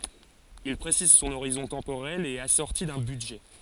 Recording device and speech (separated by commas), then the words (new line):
forehead accelerometer, read sentence
Il précise son horizon temporel et est assorti d'un budget.